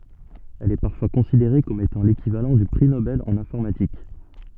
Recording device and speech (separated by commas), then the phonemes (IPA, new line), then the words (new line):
soft in-ear microphone, read sentence
ɛl ɛ paʁfwa kɔ̃sideʁe kɔm etɑ̃ lekivalɑ̃ dy pʁi nobɛl ɑ̃n ɛ̃fɔʁmatik
Elle est parfois considérée comme étant l'équivalent du prix Nobel en informatique.